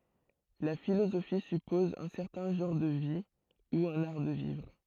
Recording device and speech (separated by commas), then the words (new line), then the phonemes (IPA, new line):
throat microphone, read sentence
La philosophie suppose un certain genre de vie, ou un art de vivre.
la filozofi sypɔz œ̃ sɛʁtɛ̃ ʒɑ̃ʁ də vi u œ̃n aʁ də vivʁ